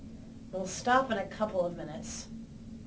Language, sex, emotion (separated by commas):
English, female, disgusted